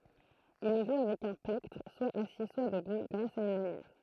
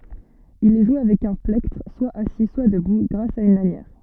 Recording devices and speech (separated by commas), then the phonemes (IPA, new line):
throat microphone, soft in-ear microphone, read sentence
il ɛ ʒwe avɛk œ̃ plɛktʁ swa asi swa dəbu ɡʁas a yn lanjɛʁ